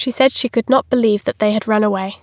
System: none